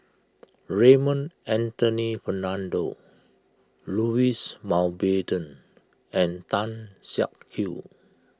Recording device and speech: close-talking microphone (WH20), read sentence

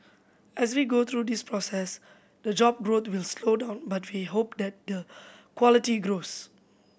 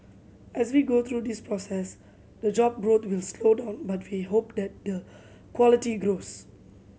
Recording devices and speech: boundary microphone (BM630), mobile phone (Samsung C7100), read sentence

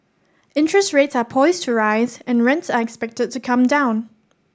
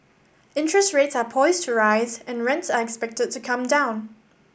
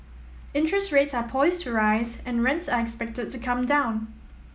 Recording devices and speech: standing microphone (AKG C214), boundary microphone (BM630), mobile phone (iPhone 7), read sentence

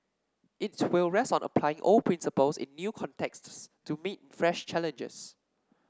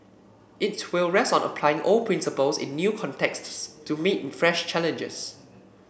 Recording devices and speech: standing microphone (AKG C214), boundary microphone (BM630), read sentence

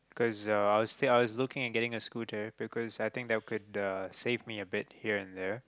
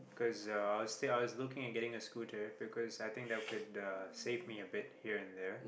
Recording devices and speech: close-talking microphone, boundary microphone, conversation in the same room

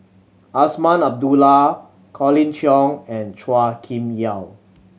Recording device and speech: mobile phone (Samsung C7100), read sentence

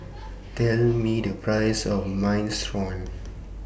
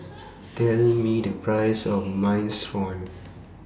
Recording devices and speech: boundary microphone (BM630), standing microphone (AKG C214), read sentence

